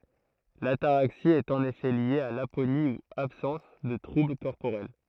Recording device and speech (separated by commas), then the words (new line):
throat microphone, read sentence
L'ataraxie est en effet liée à l'aponie ou absence de troubles corporels.